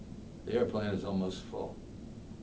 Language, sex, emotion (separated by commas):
English, male, neutral